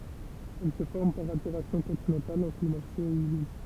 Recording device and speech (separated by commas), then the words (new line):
temple vibration pickup, read sentence
Elle se forme par altération continentale en climat chaud et humide.